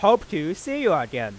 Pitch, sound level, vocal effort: 160 Hz, 99 dB SPL, loud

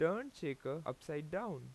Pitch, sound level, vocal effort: 155 Hz, 89 dB SPL, loud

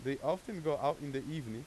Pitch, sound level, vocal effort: 145 Hz, 92 dB SPL, loud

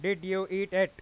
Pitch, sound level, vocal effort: 190 Hz, 100 dB SPL, very loud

